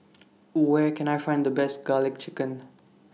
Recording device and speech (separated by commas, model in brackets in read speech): mobile phone (iPhone 6), read sentence